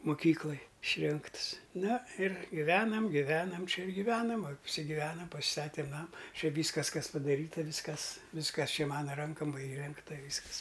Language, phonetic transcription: Lithuanian, muˈkyklaj išˈrinkts ˈna ir giˈvenam giˈvenam ˈčia ir giˈvenam apsigiˈvenam pasiˈstatėm ˈnama ˈčia ˈvyskas ˈkas padaˈryta ˈvyskas ˈvyskas ˈčia ˈmana ˈrankam ˈva įˈrengta ˈvyskas

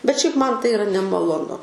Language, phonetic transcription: Lithuanian, bet šiaip ˈman ˈtai iˈra nemaloˈnu

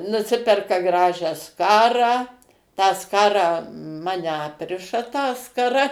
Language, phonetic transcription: Lithuanian, nuˈsiperka ˈgražią ˈskarą tą ˈskarą ˈmane ˈapriša tą skaˈra

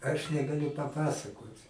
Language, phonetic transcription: Lithuanian, aš negaˈliu paˈpasakot'

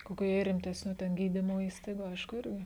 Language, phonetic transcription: Lithuanian, ˈkokiu jei rimˈtesniu ten ˈgydymo ˈįstaigu ˈaišku ˈirgi

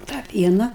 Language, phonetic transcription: Lithuanian, ˈtą ˈpiena

